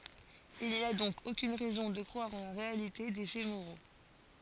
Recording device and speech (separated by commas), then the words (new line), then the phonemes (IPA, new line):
forehead accelerometer, read sentence
Il n'y a donc aucune raison de croire en la réalité des faits moraux.
il ni a dɔ̃k okyn ʁɛzɔ̃ də kʁwaʁ ɑ̃ la ʁealite de fɛ moʁo